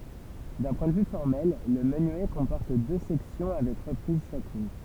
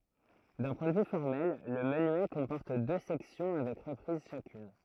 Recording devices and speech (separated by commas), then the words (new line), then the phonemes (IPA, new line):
temple vibration pickup, throat microphone, read sentence
D'un point de vue formel, le menuet comporte deux sections avec reprise chacune.
dœ̃ pwɛ̃ də vy fɔʁmɛl lə mənyɛ kɔ̃pɔʁt dø sɛksjɔ̃ avɛk ʁəpʁiz ʃakyn